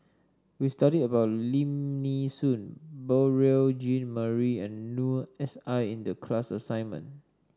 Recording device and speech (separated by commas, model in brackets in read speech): standing microphone (AKG C214), read sentence